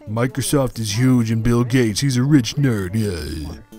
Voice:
deep, dumb voice